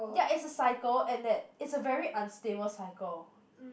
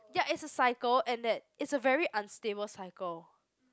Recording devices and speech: boundary microphone, close-talking microphone, conversation in the same room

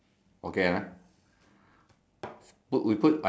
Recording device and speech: standing microphone, conversation in separate rooms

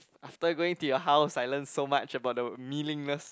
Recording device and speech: close-talking microphone, conversation in the same room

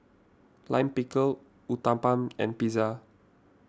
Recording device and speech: standing microphone (AKG C214), read sentence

